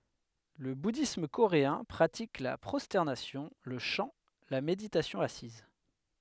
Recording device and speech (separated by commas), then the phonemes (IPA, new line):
headset microphone, read sentence
lə budism koʁeɛ̃ pʁatik la pʁɔstɛʁnasjɔ̃ lə ʃɑ̃ la meditasjɔ̃ asiz